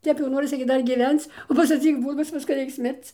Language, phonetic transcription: Lithuanian, ˈtep jau ˈnorisi gi ˈdar giˈvenc ˈvos atsiˈbūdus ˈviska ˈreiks ˈmirc

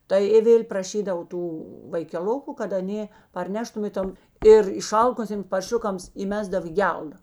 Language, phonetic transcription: Lithuanian, ˈtai i ˈvėl' praˈšydav ˈtų vaikeˈluku kad aˈnė parˈneštum i ˈtom ir iˈšalkusėms parˈšiukams įˈmesdav į ˈgelda

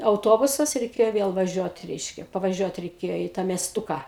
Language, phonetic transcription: Lithuanian, auˈtobusas reiˈkėjo ˈvėl vaˈžiuot ˈreiškia pavaˈžiuot reiˈkėjo į tą miesˈtuką

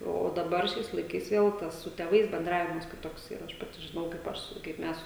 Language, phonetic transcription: Lithuanian, o o daˈbar ˈšiais laiˈkais ˈvėl tas su tėˈvais benˈdravimas kiˈtoksˈyra ˈaš ˈpati žiˈnau kaip ˈaš su kaip ˈmes

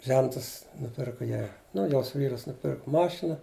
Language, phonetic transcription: Lithuanian, ˈžentas nuˈpirku ˈjai ˈnu ˈjos ˈvyras nuˈpirku ˈmašina

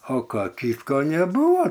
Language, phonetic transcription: Lithuanian, o ˈką ˈkytko neˈbūvo

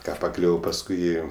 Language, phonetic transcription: Lithuanian, ˈką paˈkliuvo pasˈkui ˈėjo

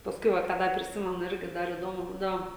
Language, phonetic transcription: Lithuanian, pasˈkui ˈva ką ˈdar priˈsimenu ˈirgi ˈdar įˈdomu ˈbūdavo

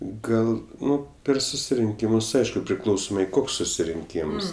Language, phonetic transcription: Lithuanian, ˈgal ˈnu ˈper susirinˈkymus ˈaišku priˈklausomai ˈkoks susirinˈkyms

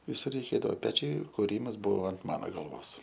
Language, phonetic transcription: Lithuanian, viˈsur reiˈkėdavo ˈpečiai kuˈrymas ˈbuvo ant ˈmano galˈvos

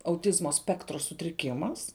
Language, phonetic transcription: Lithuanian, auˈtizmo ˈspektro sutriˈkimas

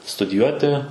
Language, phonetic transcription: Lithuanian, studiˈjuoti

